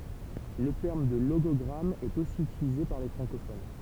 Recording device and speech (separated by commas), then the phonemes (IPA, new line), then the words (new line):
temple vibration pickup, read sentence
lə tɛʁm də loɡɔɡʁam ɛt osi ytilize paʁ le fʁɑ̃kofon
Le terme de logogramme est aussi utilisé par les francophones.